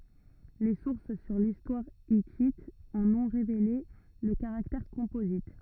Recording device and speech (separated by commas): rigid in-ear microphone, read sentence